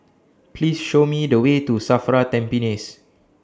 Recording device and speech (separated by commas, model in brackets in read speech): standing microphone (AKG C214), read sentence